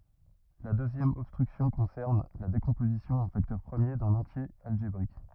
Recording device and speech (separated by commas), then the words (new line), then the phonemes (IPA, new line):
rigid in-ear microphone, read sentence
La deuxième obstruction concerne la décomposition en facteurs premiers d'un entier algébrique.
la døzjɛm ɔbstʁyksjɔ̃ kɔ̃sɛʁn la dekɔ̃pozisjɔ̃ ɑ̃ faktœʁ pʁəmje dœ̃n ɑ̃tje alʒebʁik